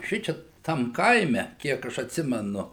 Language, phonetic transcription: Lithuanian, ˈšičia ˈtam ˈkaime ˈkiek aš atˈsimenu

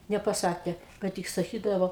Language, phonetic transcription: Lithuanian, nepaˈsakė ˈka tik saˈkydavo

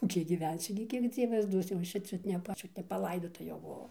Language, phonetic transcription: Lithuanian, ˈkiek giˈvensiu gi ˈkiek ˈdzievas ˈduos jau ˈaš čia ˈčiut ˈčiut nepaˈlaidota jau buˈvau

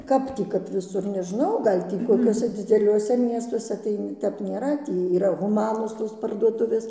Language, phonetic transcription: Lithuanian, ˈkap tį kap viˈsur nežˈnau ˈgal' tį koˈkiuose dzideˈliuose ˈmiestuose ˈtai ˈtep nėˈra ˈtį yˈra huˈmanos ˈtos parduoˈtuvės

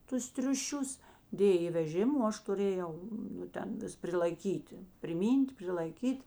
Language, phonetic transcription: Lithuanian, ˈtus triuˈšius ˈdėj i veˈžim o ˈaš tuˈrėˌjau nu ˈten ˈvis prilaiˈkyti priˈmyn't' prilaiˈkyt'

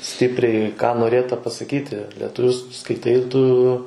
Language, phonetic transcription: Lithuanian, ˈstipriai ką noˈrėta pasaˈkyti lietuˈviu s skaiˈtai tu

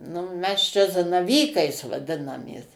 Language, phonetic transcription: Lithuanian, nu ˈmes čia zanaˈvykais vaˈdinamės

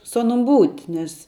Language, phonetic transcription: Lithuanian, su ˈanum ˈbūt' ˈnes

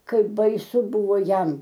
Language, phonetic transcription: Lithuanian, ˈkaip baiˈsu ˈbuvo ˈjam

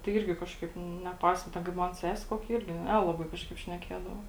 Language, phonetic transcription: Lithuanian, tai ˈirgi ˈkažˌkaip neˈpaisa ˈten kaip ˈman ˈsese ˈkokia ˈirgi ˈnelabai ˈkažˌkaip šneˈkėdavo

